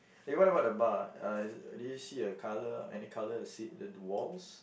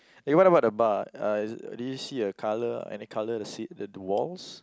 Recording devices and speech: boundary microphone, close-talking microphone, conversation in the same room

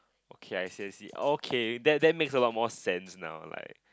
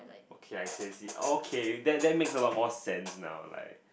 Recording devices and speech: close-talking microphone, boundary microphone, conversation in the same room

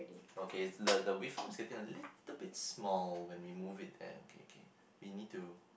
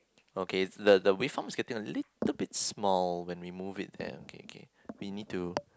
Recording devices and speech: boundary microphone, close-talking microphone, conversation in the same room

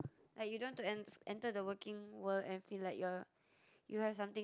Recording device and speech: close-talking microphone, conversation in the same room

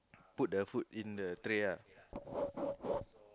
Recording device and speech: close-talking microphone, conversation in the same room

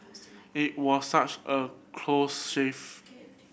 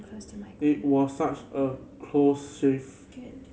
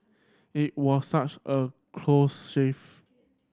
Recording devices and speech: boundary microphone (BM630), mobile phone (Samsung C7100), standing microphone (AKG C214), read sentence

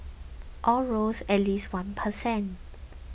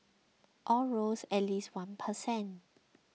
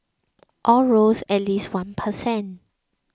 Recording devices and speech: boundary microphone (BM630), mobile phone (iPhone 6), close-talking microphone (WH20), read sentence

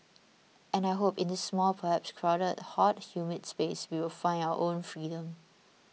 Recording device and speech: mobile phone (iPhone 6), read sentence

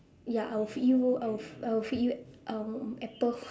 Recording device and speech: standing microphone, conversation in separate rooms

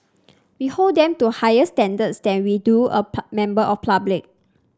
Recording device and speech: standing microphone (AKG C214), read sentence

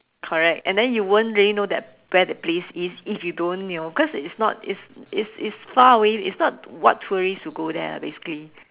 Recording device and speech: telephone, conversation in separate rooms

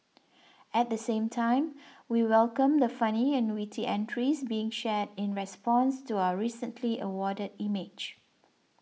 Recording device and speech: mobile phone (iPhone 6), read sentence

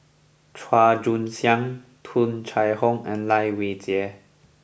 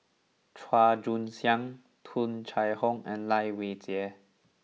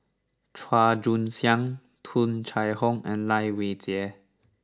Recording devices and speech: boundary microphone (BM630), mobile phone (iPhone 6), standing microphone (AKG C214), read sentence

